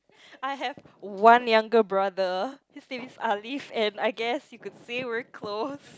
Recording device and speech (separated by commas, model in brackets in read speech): close-talking microphone, conversation in the same room